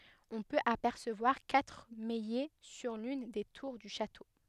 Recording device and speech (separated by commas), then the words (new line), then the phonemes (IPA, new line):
headset microphone, read sentence
On peut apercevoir quatre maillets sur l'une des tours du château.
ɔ̃ pøt apɛʁsəvwaʁ katʁ majɛ syʁ lyn de tuʁ dy ʃato